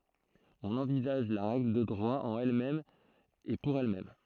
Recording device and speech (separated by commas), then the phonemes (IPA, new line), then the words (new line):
throat microphone, read sentence
ɔ̃n ɑ̃vizaʒ la ʁɛɡl də dʁwa ɑ̃n ɛl mɛm e puʁ ɛl mɛm
On envisage la règle de droit en elle-même et pour elle-même.